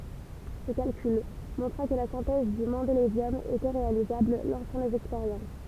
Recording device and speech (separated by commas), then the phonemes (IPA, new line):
temple vibration pickup, read sentence
sə kalkyl mɔ̃tʁa kə la sɛ̃tɛz dy mɑ̃delevjɔm etɛ ʁealizabl lɑ̃sɑ̃ lez ɛkspeʁjɑ̃s